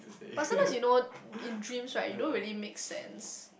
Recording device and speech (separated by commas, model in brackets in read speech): boundary microphone, conversation in the same room